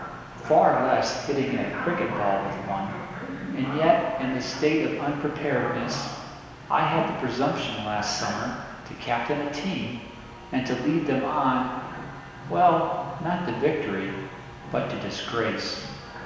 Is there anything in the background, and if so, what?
A television.